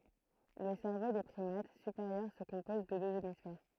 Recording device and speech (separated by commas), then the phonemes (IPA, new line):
throat microphone, read sentence
lə sɛʁvo de pʁimat sypeʁjœʁ sə kɔ̃pɔz də døz emisfɛʁ